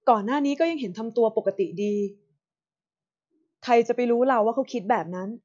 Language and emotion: Thai, neutral